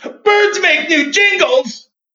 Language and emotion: English, fearful